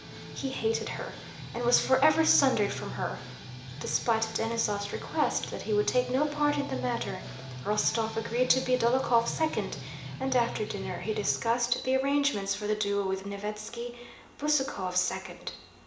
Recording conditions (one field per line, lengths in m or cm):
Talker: one person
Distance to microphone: 1.8 m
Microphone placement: close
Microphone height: 1.0 m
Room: large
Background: music